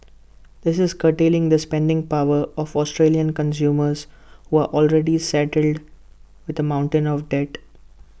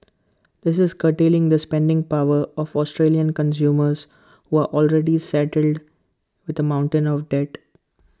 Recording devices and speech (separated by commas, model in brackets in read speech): boundary microphone (BM630), close-talking microphone (WH20), read sentence